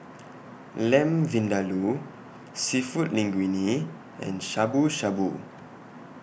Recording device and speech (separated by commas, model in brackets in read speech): boundary microphone (BM630), read sentence